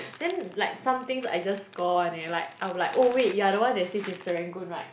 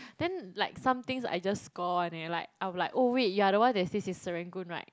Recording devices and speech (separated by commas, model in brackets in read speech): boundary microphone, close-talking microphone, conversation in the same room